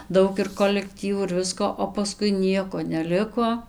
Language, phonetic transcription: Lithuanian, ˈdaug ir kolekˈtyvų ir ˈvisko o paˈskui ˈnieko neˈliko

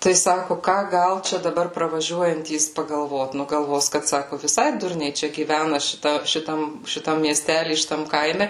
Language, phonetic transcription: Lithuanian, tai ˈsaku ˈką ˈgal ˈčia daˈbar pravaˈžiuojantys pagalˈvot ˈnu galˈvos kad ˈsaku viˈsai ˈdurniai ˈčia gyˈvæna šiˈta šiˈtam šiˈtam mieˈstæly šiˈtam ˈkaime

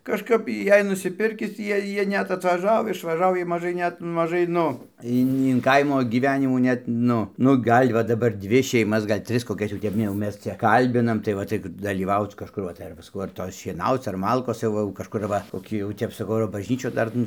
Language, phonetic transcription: Lithuanian, kažˈkap ˈjei nusiˈpirkis ˈjie ˈjie ˈnet atvaˈžau išvaˈžau jiej maˈžai ˈnet maˈžai ˈnu ˈin in ˈkaimo giˈvenimų ˈnet ˈnu nu ˈgal' va daˈbar ˈdvi šeiˈmas ˈgal' ˈtris koˈkias jau ˈtep jau ˈmes ˈčia ˈkalbinam tai ˈva tai dalyˈvauc kažˈkur va tai ˈar va saˈkau ar ˈtos šieˈnauc ar ˈmalkos jau ˈva jau kažˈkur ˈva koˈkį jau ˈtep saˈkau ar baˈžnyčių ˈdar nu

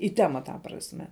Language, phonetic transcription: Lithuanian, į ˈtema ta prasˈme

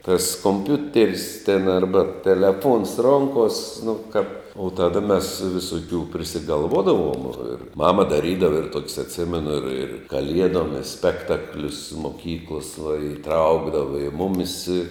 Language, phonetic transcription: Lithuanian, tas komˈpiuter's' ten ˈarba teleˈfons ˈronkos' nu ka o ˈtada mes visoˈkių prisigalˈvodavom ir ˈmama daˈrydava ir ˈtokis atˈsimenu ir ir kaˈliedom i ˈspektaklius moˈkyklos va iˈtraukdava i ˈmumis i

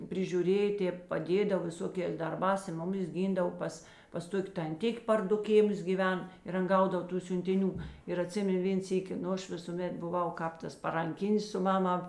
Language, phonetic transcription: Lithuanian, prižiūˈrėja ˈtėp paˈdėdav viˈsokės darˈbās i ˈmuˌmis ˈgindav ˈpas pas ˈtok' tanˈtik' par ˈdu ˈkėˌmus gyˈven ir ˈan ˈgaudav ˈtų siuntiˈnių ir aˈtsimen ˈvėn ˈsyki ˈnu ˈaš ˈvisūˌmet buˈvau ˈkāp ˌtas paranˈkinis su ˈmaˌmā

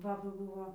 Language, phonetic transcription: Lithuanian, ˈbaba ˈbūvo

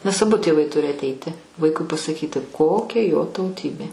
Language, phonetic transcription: Lithuanian, nes aˈbu tėˈvai ˈturi atˈeiti ˈvaikui pasaˈkyti ˈkokia jo tauˈtybė

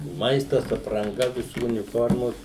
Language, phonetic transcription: Lithuanian, ˈmaistas apranˈga viˈsų uniˈformos

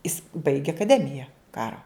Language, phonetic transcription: Lithuanian, is baigė akaˈdemija ˈkaro

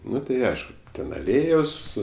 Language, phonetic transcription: Lithuanian, ˈnu tai ˈaišku ˈten aˈlėjos

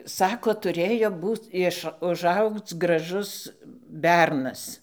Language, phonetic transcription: Lithuanian, ˈsako tuˈrėjo ˈbūc ˈiš užˈaugc graˈžus ˈbernas

